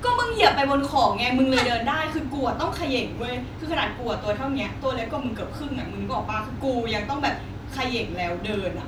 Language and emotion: Thai, frustrated